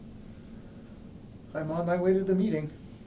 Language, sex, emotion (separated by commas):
English, male, neutral